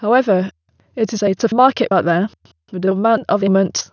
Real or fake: fake